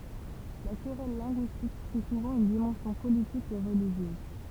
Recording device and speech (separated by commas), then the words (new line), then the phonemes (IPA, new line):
temple vibration pickup, read sentence
La querelle linguistique prit souvent une dimension politique et religieuse.
la kʁɛl lɛ̃ɡyistik pʁi suvɑ̃ yn dimɑ̃sjɔ̃ politik e ʁəliʒjøz